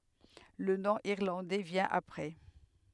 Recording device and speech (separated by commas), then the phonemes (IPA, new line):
headset microphone, read sentence
lə nɔ̃ iʁlɑ̃dɛ vjɛ̃ apʁɛ